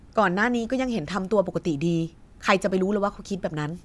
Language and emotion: Thai, angry